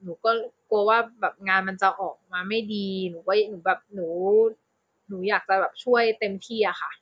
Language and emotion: Thai, neutral